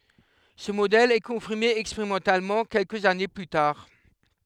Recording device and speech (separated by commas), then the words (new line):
headset microphone, read sentence
Ce modèle est confirmé expérimentalement quelques années plus tard.